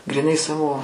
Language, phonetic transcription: Lithuanian, gryˈnai ˈsavo

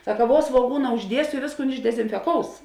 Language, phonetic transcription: Lithuanian, ˈsaka ˈvuo svuoˈgūna užˈdiesio i ˈvėsˌkūn išdezinfeˈkous

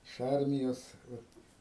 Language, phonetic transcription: Lithuanian, iš ˈarmijos ˈvat

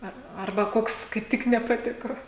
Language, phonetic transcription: Lithuanian, ˈar ˈarba ˈkoks kaip ˈtik nepaˈtiko

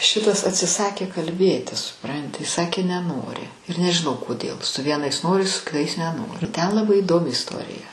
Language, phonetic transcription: Lithuanian, ˈšitas atsiˈsakė kalˈbėti suˈpranti ˈsakė neˈnori ir nežiˈnau koˈdėl su ˈvienais ˈnori su kiˈtais neˈnori ten laˈbai įˈdomi isˈtorija

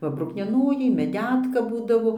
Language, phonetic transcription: Lithuanian, ˈva bruknieˈnojai meˈdetka ˈbūdavo

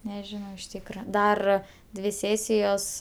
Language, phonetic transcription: Lithuanian, neˈžinau iš ˈtykra ˈdar ˈdvi ˈsėsijos

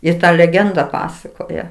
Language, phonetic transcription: Lithuanian, ir ˈta leˈgenda ˈpasakoja

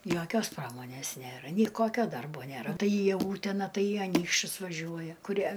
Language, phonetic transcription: Lithuanian, ˈjokios ˈpramonės ˈnėra ˈnei ˈkokio ˈdarbo ˈnėra ˈtai į ˈūtena ˈtai į aˈnykščius vaˈžiuoja kuˈrie

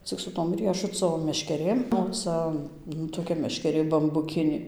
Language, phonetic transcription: Lithuanian, cik su ˈtom ˈriešuco meškeˈrėm o ˈca nu toˈkia meškeˈrė bambuˈkinė

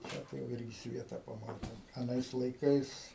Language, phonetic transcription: Lithuanian, ˈtę tai jau ˈirgi ˈsvieta paˈmatėm aˈnais laiˈkais

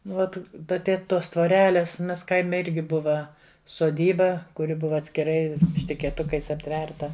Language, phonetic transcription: Lithuanian, ˈvat ˈda ˈtėt ˈtos tvoˈrelės ˈmes ˈkaime ˈirgi ˈbuva soˈdyba kuˈri ˈbuva atskiˈrai štikėˈtukais apˈtverta

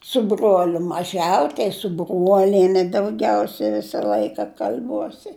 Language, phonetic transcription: Lithuanian, su ˈbruoliu maˈžiau tai su ˈbruoliene dauˈgiausia ˈvisa ˈlaika kal'ˈbuosi

